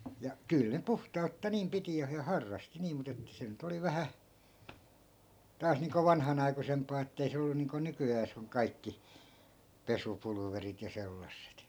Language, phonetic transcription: Finnish, ja 'kỳl ne 'puhta₍utta niim 'piti ja ha- , 'harrasti niim mut ‿että 'se nyt ‿oli "vähä , 'taas niiŋko 'vanhanai̮kusemp̀aa ettei se ollu niiŋko 'nyky₍ääs ‿oŋ 'kaikki , "pesupulᵘverit ja 'sellasset .
- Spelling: ja kyllä ne puhtautta niin piti ja - harrasti niin mutta että se nyt oli vähän taas niin kuin vanhanaikuisempaa että ei se ollut niin kuin nykyään on kaikki pesupulverit ja sellaiset

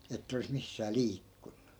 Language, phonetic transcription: Finnish, ettᵃ̈ 'olis missää "liikkUNNU .
- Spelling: että olisi missään liikkunut

